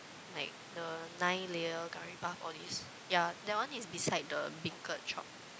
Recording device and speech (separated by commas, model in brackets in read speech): close-talking microphone, conversation in the same room